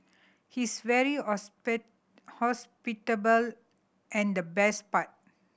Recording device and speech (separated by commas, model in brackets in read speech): boundary microphone (BM630), read sentence